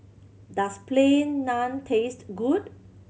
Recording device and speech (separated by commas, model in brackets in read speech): mobile phone (Samsung C7100), read sentence